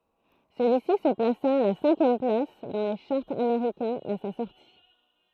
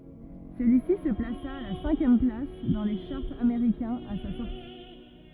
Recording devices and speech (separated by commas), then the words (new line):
throat microphone, rigid in-ear microphone, read sentence
Celui-ci se plaça à la cinquième place dans les charts américains à sa sortie.